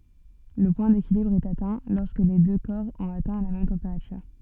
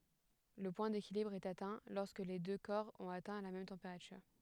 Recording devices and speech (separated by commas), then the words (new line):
soft in-ear microphone, headset microphone, read sentence
Le point d'équilibre est atteint lorsque les deux corps ont atteint la même température.